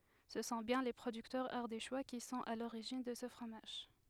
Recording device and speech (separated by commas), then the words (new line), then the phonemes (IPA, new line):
headset microphone, read sentence
Ce sont bien les producteurs ardéchois qui sont à l'origine de ce fromage.
sə sɔ̃ bjɛ̃ le pʁodyktœʁz aʁdeʃwa ki sɔ̃t a loʁiʒin də sə fʁomaʒ